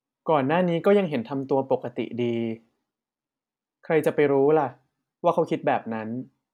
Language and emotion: Thai, neutral